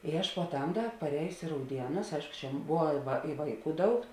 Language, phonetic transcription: Lithuanian, i ˈaš puoˈtam ˈda paˈrējusi i rauˈdienus ˈaišku čia ˈbuva va i ˈvaiˌkų ˈdaug

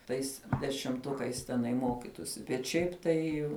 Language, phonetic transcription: Lithuanian, tais dešimˈtukais teˈnai ˈmokitusi bet ˈšiaip ˈtai

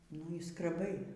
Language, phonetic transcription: Lithuanian, nu y skreˈbai

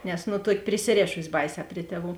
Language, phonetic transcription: Lithuanian, nes ˈnu ˈtuoki prisiˈrėšusi ˈbaiˌsē ˈpri tieˌvų

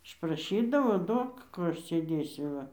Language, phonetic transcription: Lithuanian, išpraˈšydavo ˈduok ˈkų ˈaš sėˈdėsiu ˈva

